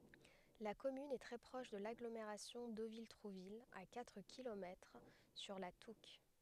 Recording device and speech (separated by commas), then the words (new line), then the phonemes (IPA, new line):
headset microphone, read sentence
La commune est très proche de l'agglomération Deauville-Trouville, à quatre kilomètres, sur la Touques.
la kɔmyn ɛ tʁɛ pʁɔʃ də laɡlomeʁasjɔ̃ dovil tʁuvil a katʁ kilomɛtʁ syʁ la tuk